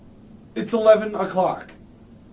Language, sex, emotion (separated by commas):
English, male, neutral